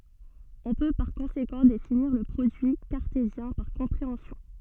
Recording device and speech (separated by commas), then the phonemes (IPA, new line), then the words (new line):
soft in-ear microphone, read sentence
ɔ̃ pø paʁ kɔ̃sekɑ̃ definiʁ lə pʁodyi kaʁtezjɛ̃ paʁ kɔ̃pʁeɑ̃sjɔ̃
On peut par conséquent définir le produit cartésien par compréhension.